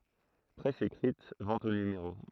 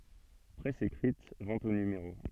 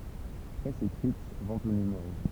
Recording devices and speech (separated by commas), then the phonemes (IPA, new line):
throat microphone, soft in-ear microphone, temple vibration pickup, read sentence
pʁɛs ekʁit vɑ̃t o nymeʁo